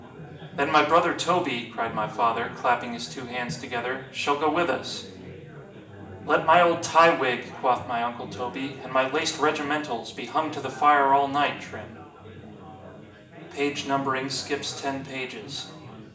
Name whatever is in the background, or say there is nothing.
Crowd babble.